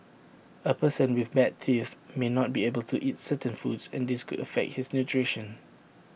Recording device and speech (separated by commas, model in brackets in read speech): boundary microphone (BM630), read sentence